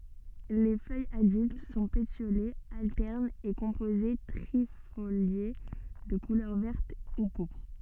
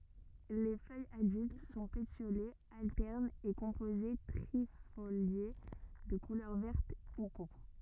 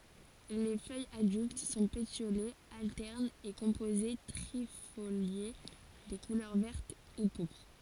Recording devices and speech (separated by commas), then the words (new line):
soft in-ear microphone, rigid in-ear microphone, forehead accelerometer, read sentence
Les feuilles adultes sont pétiolées, alternes et composées trifoliées, de couleur verte ou pourpre.